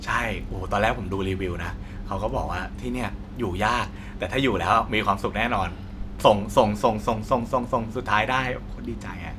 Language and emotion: Thai, happy